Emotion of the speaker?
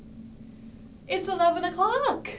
happy